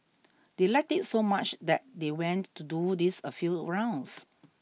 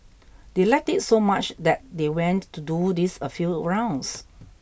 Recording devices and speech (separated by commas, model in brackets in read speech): mobile phone (iPhone 6), boundary microphone (BM630), read sentence